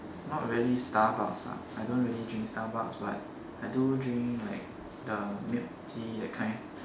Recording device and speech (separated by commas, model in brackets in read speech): standing microphone, conversation in separate rooms